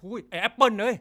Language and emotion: Thai, frustrated